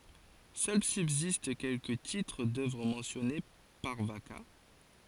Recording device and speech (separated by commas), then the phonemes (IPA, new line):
forehead accelerometer, read sentence
sœl sybzist kɛlkə titʁ dœvʁ mɑ̃sjɔne paʁ vaka